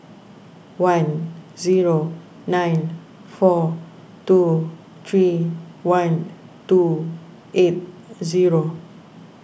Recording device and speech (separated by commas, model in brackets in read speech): boundary microphone (BM630), read sentence